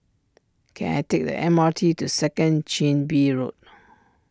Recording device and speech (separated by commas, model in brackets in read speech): standing microphone (AKG C214), read sentence